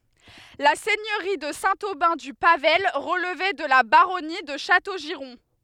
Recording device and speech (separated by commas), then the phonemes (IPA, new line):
headset microphone, read sentence
la sɛɲøʁi də sɛ̃ obɛ̃ dy pavaj ʁəlvɛ də la baʁɔni də ʃatoʒiʁɔ̃